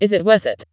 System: TTS, vocoder